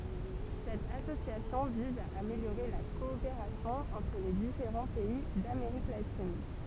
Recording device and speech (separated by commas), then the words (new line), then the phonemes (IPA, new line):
temple vibration pickup, read sentence
Cette association vise à améliorer la coopération entre les différents pays d'Amérique latine.
sɛt asosjasjɔ̃ viz a ameljoʁe la kɔopeʁasjɔ̃ ɑ̃tʁ le difeʁɑ̃ pɛi dameʁik latin